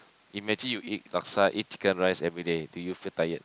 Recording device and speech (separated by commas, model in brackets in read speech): close-talking microphone, conversation in the same room